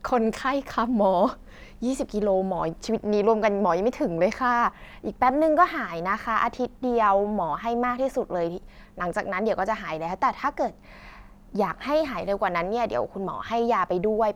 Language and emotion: Thai, neutral